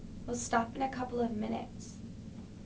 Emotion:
sad